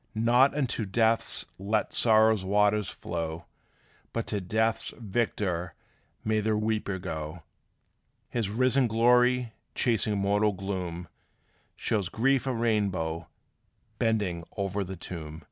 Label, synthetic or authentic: authentic